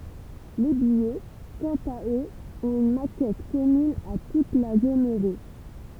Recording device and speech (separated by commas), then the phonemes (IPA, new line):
temple vibration pickup, read sentence
le bijɛ kɑ̃t a øz ɔ̃t yn makɛt kɔmyn a tut la zon øʁo